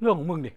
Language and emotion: Thai, neutral